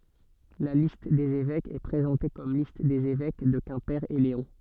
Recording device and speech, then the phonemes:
soft in-ear microphone, read sentence
la list dez evɛkz ɛ pʁezɑ̃te kɔm list dez evɛk də kɛ̃pe e leɔ̃

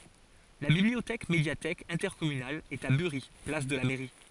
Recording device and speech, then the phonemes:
forehead accelerometer, read sentence
la bibliotɛk medjatɛk ɛ̃tɛʁkɔmynal ɛt a byʁi plas də la mɛʁi

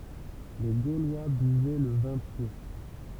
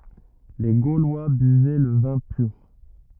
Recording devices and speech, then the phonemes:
temple vibration pickup, rigid in-ear microphone, read sentence
le ɡolwa byvɛ lə vɛ̃ pyʁ

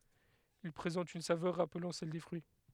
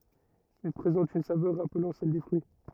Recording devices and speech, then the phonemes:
headset microphone, rigid in-ear microphone, read sentence
il pʁezɑ̃t yn savœʁ ʁaplɑ̃ sɛl de fʁyi

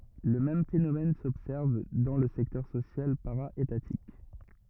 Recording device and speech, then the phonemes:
rigid in-ear microphone, read sentence
lə mɛm fenomɛn sɔbsɛʁv dɑ̃ lə sɛktœʁ sosjal paʁa etatik

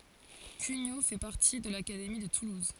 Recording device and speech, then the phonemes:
forehead accelerometer, read sentence
kyɲo fɛ paʁti də lakademi də tuluz

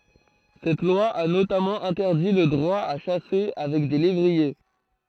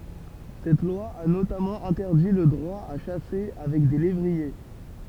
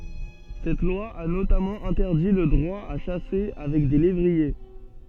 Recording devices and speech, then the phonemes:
throat microphone, temple vibration pickup, soft in-ear microphone, read sentence
sɛt lwa a notamɑ̃ ɛ̃tɛʁdi lə dʁwa a ʃase avɛk de levʁie

